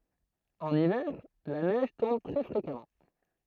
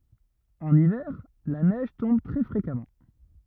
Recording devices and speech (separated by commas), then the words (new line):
throat microphone, rigid in-ear microphone, read sentence
En hiver, la neige tombe très fréquemment.